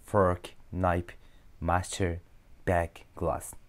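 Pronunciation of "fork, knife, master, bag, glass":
'Fork, knife, master, bag, glass' are said with English pronunciation, not Japanese-style pronunciation.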